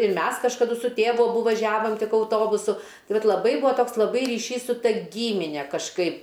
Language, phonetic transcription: Lithuanian, ir ˈmes kažkaˈdu su ˈtėvu aˈbu vaˈžiavom ˈtik auˈtobusu ˈtai ˈvat laˈbai ˈbuo ˈtoks laˈbai ryˈšys su ˈta ˈgymine kažˈkaip

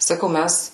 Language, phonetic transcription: Lithuanian, saˈkau ˈmæs

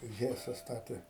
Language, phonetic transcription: Lithuanian, ˈhesa ˈstatė

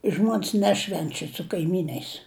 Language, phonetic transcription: Lithuanian, ˈžmuon's' ˈnešvenčia su kaiˈmyn'ais

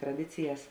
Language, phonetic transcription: Lithuanian, traˈdicijas

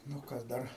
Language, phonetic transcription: Lithuanian, nu ˈkas ˈdar

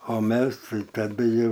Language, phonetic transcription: Lithuanian, o ˈmes ˈtai taˈdu ˈjau

